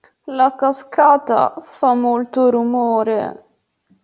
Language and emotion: Italian, sad